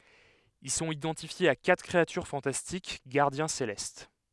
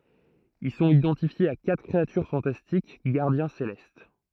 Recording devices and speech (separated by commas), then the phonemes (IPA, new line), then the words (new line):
headset microphone, throat microphone, read sentence
il sɔ̃t idɑ̃tifjez a katʁ kʁeatyʁ fɑ̃tastik ɡaʁdjɛ̃ selɛst
Ils sont identifiés à quatre créatures fantastiques, gardiens célestes.